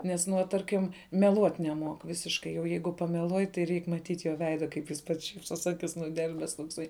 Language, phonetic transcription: Lithuanian, ˈnes ˈnuo ˈtarkim meˈluot' neˈmuok ˈvisiškai jau ˈjeigu pameˈluoj tai ˈreik maˈtyt' jo veida kaip jis ˈpats ˈšypsos ˈakis nuˈdelbes tokˈsai

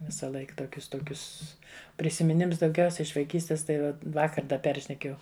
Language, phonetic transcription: Lithuanian, visaˈlaik toˈkius ˈtokius prisimiˈnims dauˈgiausia iš vaiˈkystis tai ˈva ˈvakar ˈda ˈperšnekėjau

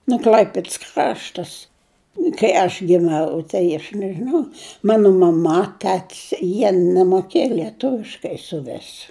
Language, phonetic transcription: Lithuanian, nu ˈkl'aipids ˈkraštas kai aš vieˈna tai aš nežiˈnau ˈmanu maˈma ˈtetis jie nemoˈkėja lieˈtuviškai suˈvis

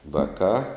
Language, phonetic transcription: Lithuanian, ˈvakā

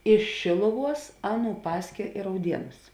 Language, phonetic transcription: Lithuanian, iš šėluˌvuos ˈaˌnų ˈpaskė i rauˈdienus

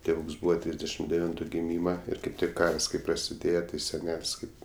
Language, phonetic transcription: Lithuanian, tėˈvūks ˈbūva ˈtrysdešim deˈvintu giˈmyma ˈir kaip ˈtik ˈkars kaip prasiˈdėje ti seˈnel's' ˈkaip

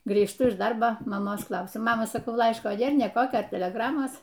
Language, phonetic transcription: Lithuanian, grįžˈtu iš ˈdarbo maˈmos ˈklausiu ˈmama saˈkau ˈlaiško ˈnėr ˈnė ˈkokio teleˈgramos

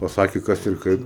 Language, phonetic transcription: Lithuanian, paˈsakė ˈkas ir ˈkaip

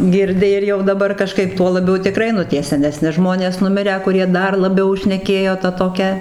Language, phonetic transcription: Lithuanian, girˈdi ir jau daˈbar kaˈžkaip ˈtuo laˈbiau tiˈkrai nu ˈtie seneˈsni ˈžmonės nuˈmirę kuˈrie ˈdar laˈbiau šneˈkėjo ˈta toˈkia

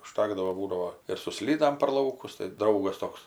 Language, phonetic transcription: Lithuanian, uˈžtakdavo ˈbūdavo ir su ˈslydam per ˈlaukus tai ˈdraugas ˈtoks

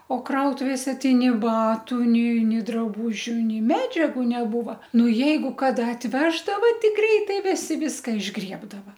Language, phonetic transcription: Lithuanian, o ˈkrautuvėse ˈtai ni ˈbatu ni ˈnė draˈbužiu ˈnei ˈmedžiagu neˈbūva ˈnu ˈjeigu ˈkada atˈveždava ˈtai ˈgreitai ˈvisi ˈviska išˈgriebdava

